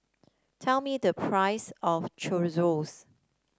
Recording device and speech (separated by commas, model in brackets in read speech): standing microphone (AKG C214), read sentence